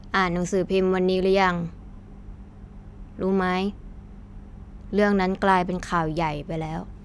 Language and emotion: Thai, frustrated